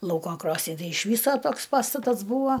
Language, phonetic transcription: Lithuanian, ˈlauko ˈkrosni ˈtai iš ˈvyso ˈtoks ˈpastatas ˈbūvo

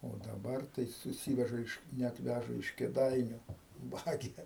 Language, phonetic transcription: Lithuanian, o daˈbar tai suˈsyveža iš net ˈvæža iš kėˈdainiu ˈvagia

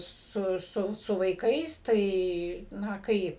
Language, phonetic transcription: Lithuanian, ˈsu ˈsu su vaiˈkais ˈtai ˈna ˈkaip

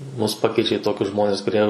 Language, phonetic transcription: Lithuanian, ˈmus ˈpakeičia i ˈtokius ˈžmonis kuˈrie

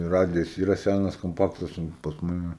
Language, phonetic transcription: Lithuanian, ˈradijas ˈyra ˈsænas komˈpaktas ˈun pas ˈmane

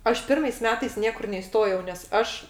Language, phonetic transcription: Lithuanian, ˈaš ˈpirmais ˈmetais ˈniekur neiˈstojau nes ˈaš

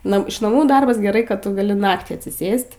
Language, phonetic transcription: Lithuanian, ˈna iš naˈmų ˈdarbas geˈrai ˈkad ˈtu gaˈli ˈnaktį atsiˈsės't'

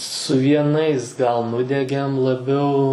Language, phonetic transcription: Lithuanian, su vieˈnais gal ˈnudegėm laˈbiau

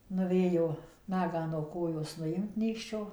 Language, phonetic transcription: Lithuanian, nuˈvėjo ˈnagą no koˈjos nuˈjimt ˈnykščio

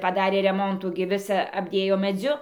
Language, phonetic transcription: Lithuanian, paˈdarė reˈmontų gi ˈvisa apˈdėjo meˈdziu

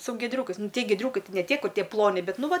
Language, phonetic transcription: Lithuanian, su gieˈdriūkais nu ˈtie gieˈdriūkai ˈtai ne ˈtie ˈkur' ˈtie ˈploni ˈbet ˈnu ˈva

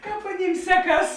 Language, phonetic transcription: Lithuanian, ˈkāp aˈnym ˈseˌkas

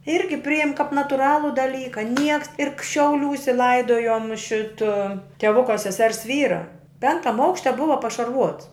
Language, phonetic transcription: Lithuanian, ˈirgi ˈprijem kap natuˈralu daˈlyka ˈnieks ir k šiauˈliūse ˈlaidojom ˈšita teˈvuka seˈsers ˈvyra ˈpenktam ˈaukšte ˈbuva pašarˈvuots

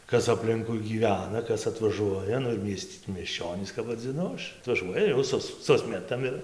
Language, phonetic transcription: Lithuanian, ˈkas apˈlinkui gyˈvena ˈkas atvaˈžuoja ˈnu ir ˈmiest' miesˈčionys kap vadziˈnu ˈaš atvaˈžuoja jau ˈsus ˈsusmetam ir

